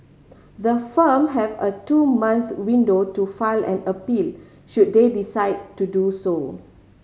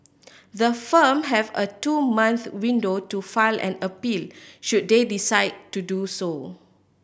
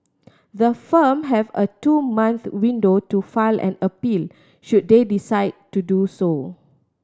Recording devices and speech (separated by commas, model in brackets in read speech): mobile phone (Samsung C5010), boundary microphone (BM630), standing microphone (AKG C214), read sentence